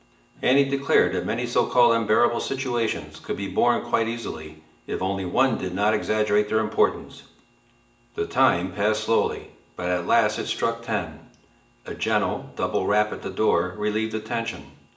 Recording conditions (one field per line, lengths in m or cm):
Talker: one person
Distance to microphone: 1.8 m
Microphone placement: close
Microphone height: 1.0 m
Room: large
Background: television